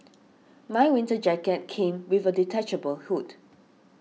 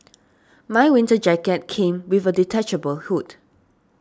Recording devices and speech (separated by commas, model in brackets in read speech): mobile phone (iPhone 6), standing microphone (AKG C214), read sentence